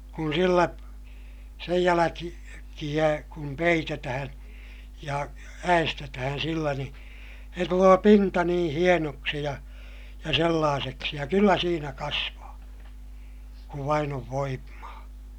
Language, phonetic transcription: Finnish, kun sillä , sej jäläki- , -kiʲä kum peitetähää̰ , ja ä₍estetähän̬ sillä ni , se tuloo pinta niḭ hienoksi ja , ja sellaaseksi ja kyllä siinä kasvaa , kuv vain ‿ov voimmaa .
- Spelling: kun sillä sen - jälkiä kun peitetään ja äestetään sillä niin se tulee pinta niin hienoksi ja ja sellaiseksi ja kyllä siinä kasvaa kun vain on voimaa

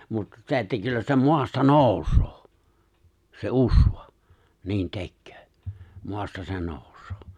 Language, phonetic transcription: Finnish, mut 'se̬ että 'kyllä se 'moasta "nooᴜs̀ᴏᴏ , se '’usᴠᴀ , 'niin "te̬kkᴏ̈ᴏ̈ , 'moasta se 'nᴏ̀ᵘs̀ᴏᴏ .
- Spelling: mutta se että kyllä se maasta nousee se usva niin tekee maasta se nousee

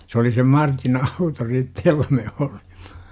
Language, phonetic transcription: Finnish, se oli sem "Martin 'auto 'sitte jolla me olima .
- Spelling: se oli sen Martin auto sitten jolla me olimme

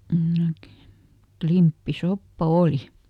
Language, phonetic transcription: Finnish, (em ˈmää tiär) , ˈklimppiˈsoppa "òli .
- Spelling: en minä tiedä klimppisoppa oli

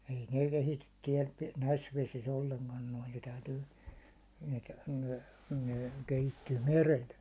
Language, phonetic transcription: Finnish, ei nè 'kehityt tiɛl , 'näis 'vesis o1leŋkan noi ne 'täytyy , ne , ne kehittyy "merel .
- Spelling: ei ne kehity täällä näissä vesissä ollenkaan noin ne täytyy ne ne kehittyy merellä

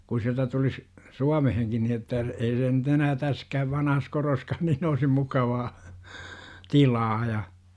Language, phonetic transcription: Finnish, ku siältä tulis , "Suameheŋkin ni että , ei se nyt 'enää täskääv 'vanahas koroskaan niin oisim 'mukavaa , "tilaa ja .
- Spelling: kun sieltä tulisi Suomeenkin niin että ei se nyt enää tässäkään vanhassa kodossakaan niin olisi mukavaa tilaa ja

